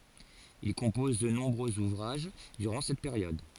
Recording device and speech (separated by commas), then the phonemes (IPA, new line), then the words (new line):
forehead accelerometer, read sentence
il kɔ̃pɔz də nɔ̃bʁøz uvʁaʒ dyʁɑ̃ sɛt peʁjɔd
Il compose de nombreux ouvrages durant cette période.